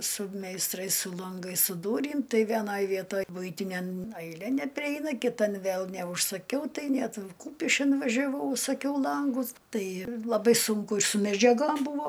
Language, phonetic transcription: Lithuanian, su meisˈtrais su lanˈgais su ˈdūrym ˈtai vieˈnaj ˈvietoj ˈbuitiniam aiˈlė nepriˈeina kiˈtan ˈvėl neužsaˈkiau ˈtai ˈnet ˈkūpiškin važiaˈvau užsaˈkiau ˈlangus ˈtai laˈbai ˈsunku ir su medžiaˈgom ˈbūvo

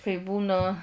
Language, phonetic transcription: Lithuanian, kai ˈbūna

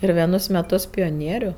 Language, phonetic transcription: Lithuanian, ir vieˈnus meˈtus pioˈnieriu

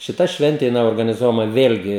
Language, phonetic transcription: Lithuanian, ˈšita ˈšventė jiˈnai organiˈzuojama ˈvėlgi

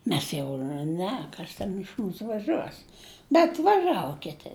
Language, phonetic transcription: Lithuanian, ˈmes jau nu ˈne ˈkas ten iš ˈmūsu vaˈžuos bet vaˈžavo ˈkiti

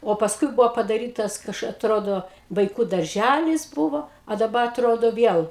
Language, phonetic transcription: Lithuanian, o pasˈkui ˈbuvo padaˈrytas ˈkaš atˈrodo vaiˈkų darˈžælis ˈbuvo a daˈba atˈrodo ˈviel

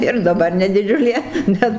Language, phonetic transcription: Lithuanian, ir daˈbar ne diˈdžiulė ˈbet

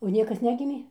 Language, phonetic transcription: Lithuanian, o ˈniekas ˈnegimė

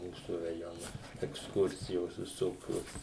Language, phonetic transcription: Lithuanian, ˈmūsu raˈjona eksˈkursijos viˈsokios

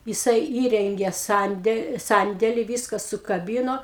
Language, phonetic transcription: Lithuanian, jiˈsai ˈįrengė ˈsande ˈsandeli ˈvyska sukaˈbyno

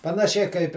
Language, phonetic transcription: Lithuanian, panaˈšiai kaip

